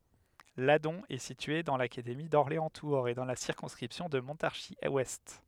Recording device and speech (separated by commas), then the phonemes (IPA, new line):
headset microphone, read sentence
ladɔ̃ ɛ sitye dɑ̃ lakademi dɔʁleɑ̃stuʁz e dɑ̃ la siʁkɔ̃skʁipsjɔ̃ də mɔ̃taʁʒizwɛst